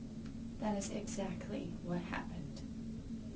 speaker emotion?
sad